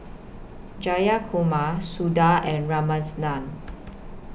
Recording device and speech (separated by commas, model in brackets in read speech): boundary microphone (BM630), read sentence